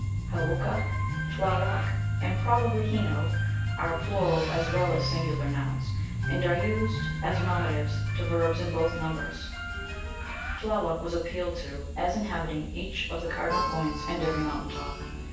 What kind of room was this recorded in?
A sizeable room.